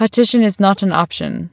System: none